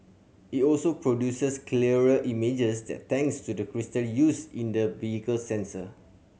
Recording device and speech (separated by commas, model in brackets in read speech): mobile phone (Samsung C7100), read sentence